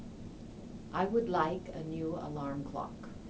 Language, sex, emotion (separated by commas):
English, female, neutral